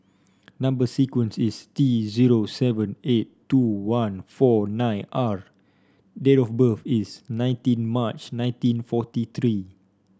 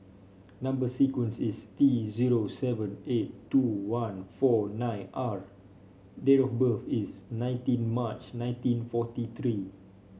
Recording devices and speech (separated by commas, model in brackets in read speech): standing microphone (AKG C214), mobile phone (Samsung C5), read sentence